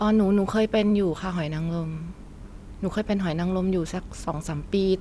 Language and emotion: Thai, neutral